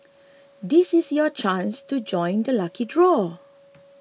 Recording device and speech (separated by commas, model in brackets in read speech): mobile phone (iPhone 6), read sentence